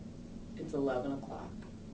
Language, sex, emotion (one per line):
English
female
neutral